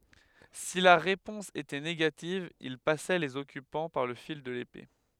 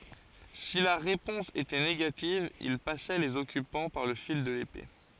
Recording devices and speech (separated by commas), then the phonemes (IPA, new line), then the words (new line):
headset microphone, forehead accelerometer, read sentence
si la ʁepɔ̃s etɛ neɡativ il pasɛ lez ɔkypɑ̃ paʁ lə fil də lepe
Si la réponse était négative ils passaient les occupants par le fil de l'épée.